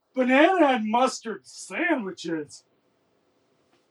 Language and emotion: English, disgusted